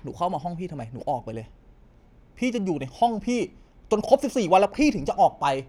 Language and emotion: Thai, angry